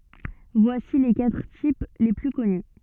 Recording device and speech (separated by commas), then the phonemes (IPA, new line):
soft in-ear microphone, read sentence
vwasi le katʁ tip le ply kɔny